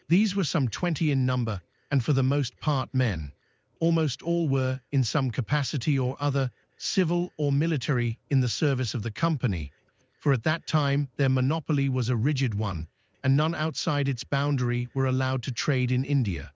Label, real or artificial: artificial